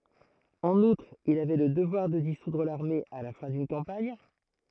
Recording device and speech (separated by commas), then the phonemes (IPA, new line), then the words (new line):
throat microphone, read sentence
ɑ̃n utʁ il avɛ lə dəvwaʁ də disudʁ laʁme a la fɛ̃ dyn kɑ̃paɲ
En outre, il avait le devoir de dissoudre l'armée à la fin d'une campagne.